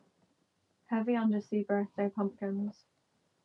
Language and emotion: English, sad